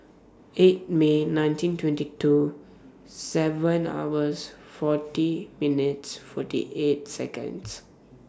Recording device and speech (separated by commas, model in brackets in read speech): standing microphone (AKG C214), read sentence